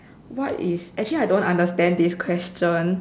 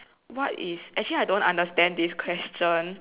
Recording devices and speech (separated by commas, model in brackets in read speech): standing microphone, telephone, conversation in separate rooms